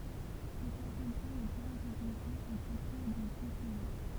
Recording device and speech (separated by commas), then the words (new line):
temple vibration pickup, read sentence
Le placenta n’est guère développé, au contraire des euthériens.